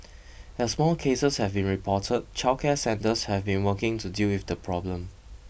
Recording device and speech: boundary microphone (BM630), read sentence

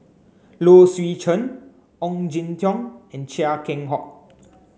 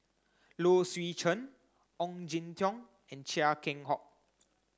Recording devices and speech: mobile phone (Samsung C9), close-talking microphone (WH30), read sentence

